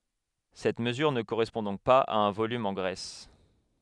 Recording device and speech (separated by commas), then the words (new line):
headset microphone, read sentence
Cette mesure ne correspond donc pas à un volume en graisse.